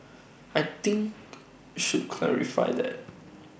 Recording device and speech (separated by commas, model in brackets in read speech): boundary microphone (BM630), read sentence